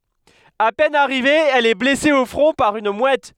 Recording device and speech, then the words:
headset microphone, read sentence
À peine arrivée, elle est blessée au front par une mouette.

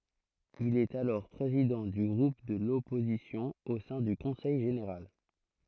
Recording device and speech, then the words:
throat microphone, read sentence
Il est alors président du groupe de l’opposition au sein du Conseil général.

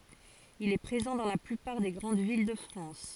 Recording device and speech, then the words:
forehead accelerometer, read sentence
Il est présent dans la plupart des grandes villes de France.

